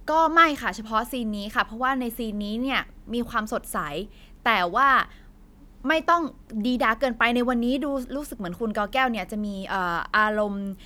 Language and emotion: Thai, neutral